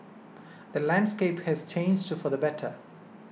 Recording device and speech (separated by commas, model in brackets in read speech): mobile phone (iPhone 6), read sentence